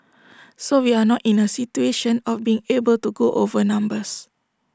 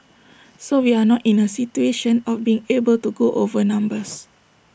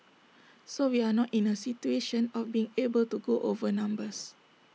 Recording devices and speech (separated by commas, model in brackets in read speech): standing microphone (AKG C214), boundary microphone (BM630), mobile phone (iPhone 6), read sentence